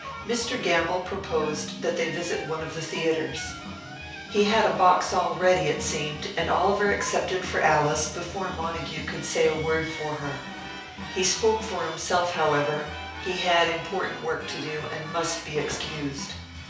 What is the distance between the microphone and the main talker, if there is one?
3.0 m.